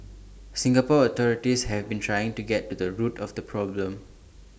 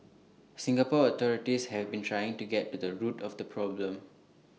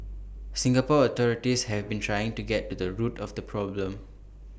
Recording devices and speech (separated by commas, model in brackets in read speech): standing microphone (AKG C214), mobile phone (iPhone 6), boundary microphone (BM630), read sentence